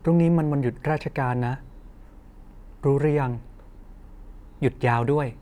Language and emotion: Thai, neutral